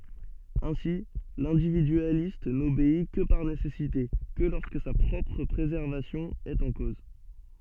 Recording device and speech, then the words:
soft in-ear microphone, read sentence
Ainsi, l'individualiste n'obéit que par nécessité, que lorsque sa propre préservation est en cause.

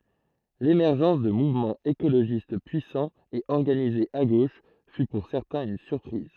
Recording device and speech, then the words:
throat microphone, read sentence
L’émergence de mouvements écologistes puissants et organisés à gauche fut pour certains une surprise.

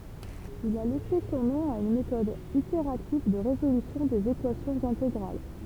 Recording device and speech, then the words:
temple vibration pickup, read sentence
Il a laissé son nom à une méthode itérative de résolution des équations intégrales.

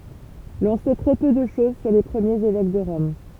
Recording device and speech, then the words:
temple vibration pickup, read sentence
L'on sait très peu de chose sur les premiers évêques de Rome.

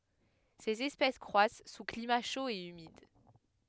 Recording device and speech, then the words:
headset microphone, read sentence
Ces espèces croissent sous climat chaud et humide.

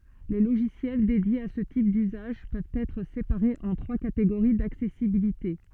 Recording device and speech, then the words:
soft in-ear microphone, read sentence
Les logiciels dédiés à ce type d’usage, peuvent être séparés en trois catégories d’accessibilité.

